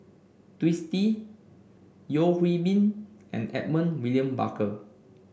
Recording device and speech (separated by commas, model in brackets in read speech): boundary microphone (BM630), read sentence